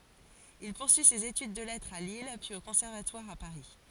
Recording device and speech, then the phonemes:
forehead accelerometer, read sentence
il puʁsyi sez etyd də lɛtʁz a lil pyiz o kɔ̃sɛʁvatwaʁ a paʁi

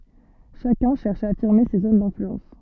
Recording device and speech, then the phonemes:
soft in-ear microphone, read sentence
ʃakœ̃ ʃɛʁʃ a afiʁme se zon dɛ̃flyɑ̃s

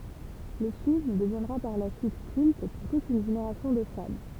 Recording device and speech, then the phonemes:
temple vibration pickup, read sentence
lə film dəvjɛ̃dʁa paʁ la syit kylt puʁ tut yn ʒeneʁasjɔ̃ də fan

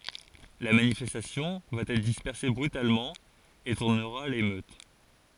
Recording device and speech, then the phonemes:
forehead accelerometer, read sentence
la manifɛstasjɔ̃ va ɛtʁ dispɛʁse bʁytalmɑ̃ e tuʁnəʁa a lemøt

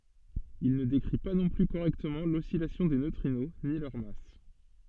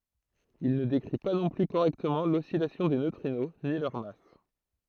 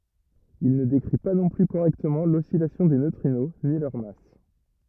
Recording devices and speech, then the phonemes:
soft in-ear microphone, throat microphone, rigid in-ear microphone, read sentence
il nə dekʁi pa nɔ̃ ply koʁɛktəmɑ̃ lɔsilasjɔ̃ de nøtʁino ni lœʁ mas

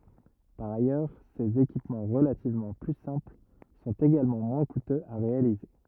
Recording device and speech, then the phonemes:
rigid in-ear microphone, read sentence
paʁ ajœʁ sez ekipmɑ̃ ʁəlativmɑ̃ ply sɛ̃pl sɔ̃t eɡalmɑ̃ mwɛ̃ kutøz a ʁealize

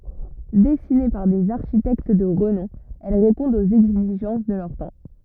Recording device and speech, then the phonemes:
rigid in-ear microphone, read sentence
dɛsine paʁ dez aʁʃitɛkt də ʁənɔ̃ ɛl ʁepɔ̃dt oz ɛɡziʒɑ̃s də lœʁ tɑ̃

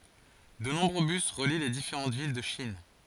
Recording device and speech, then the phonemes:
forehead accelerometer, read sentence
də nɔ̃bʁø bys ʁəli le difeʁɑ̃ vil də ʃin

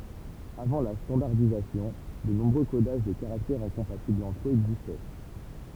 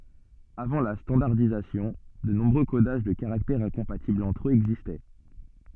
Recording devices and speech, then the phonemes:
temple vibration pickup, soft in-ear microphone, read sentence
avɑ̃ la stɑ̃daʁdizasjɔ̃ də nɔ̃bʁø kodaʒ də kaʁaktɛʁz ɛ̃kɔ̃patiblz ɑ̃tʁ øz ɛɡzistɛ

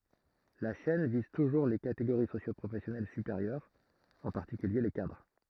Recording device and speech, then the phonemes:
throat microphone, read sentence
la ʃɛn viz tuʒuʁ le kateɡoʁi sosjopʁofɛsjɔnɛl sypeʁjœʁz ɑ̃ paʁtikylje le kadʁ

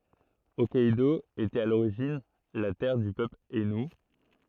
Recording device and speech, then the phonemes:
throat microphone, read sentence
ɔkkɛdo etɛt a loʁiʒin la tɛʁ dy pøpl ainu

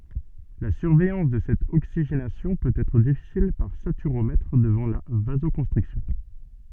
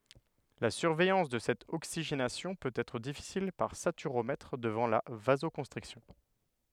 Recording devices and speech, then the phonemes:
soft in-ear microphone, headset microphone, read sentence
la syʁvɛjɑ̃s də sɛt oksiʒenasjɔ̃ pøt ɛtʁ difisil paʁ satyʁomɛtʁ dəvɑ̃ la vazokɔ̃stʁiksjɔ̃

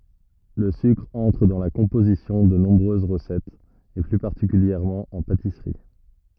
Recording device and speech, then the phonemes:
rigid in-ear microphone, read sentence
lə sykʁ ɑ̃tʁ dɑ̃ la kɔ̃pozisjɔ̃ də nɔ̃bʁøz ʁəsɛtz e ply paʁtikyljɛʁmɑ̃ ɑ̃ patisʁi

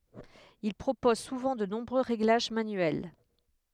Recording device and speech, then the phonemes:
headset microphone, read sentence
il pʁopoz suvɑ̃ də nɔ̃bʁø ʁeɡlaʒ manyɛl

